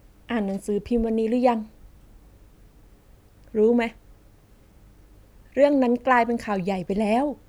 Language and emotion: Thai, frustrated